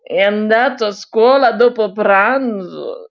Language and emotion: Italian, disgusted